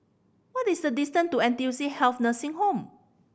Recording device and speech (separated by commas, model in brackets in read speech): boundary microphone (BM630), read sentence